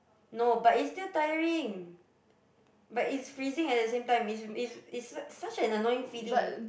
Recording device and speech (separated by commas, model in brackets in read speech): boundary microphone, conversation in the same room